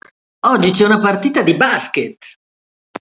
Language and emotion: Italian, happy